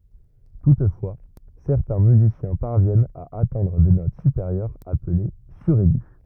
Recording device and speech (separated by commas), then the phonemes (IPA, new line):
rigid in-ear microphone, read sentence
tutfwa sɛʁtɛ̃ myzisjɛ̃ paʁvjɛnt a atɛ̃dʁ de not sypeʁjœʁz aple syʁɛɡy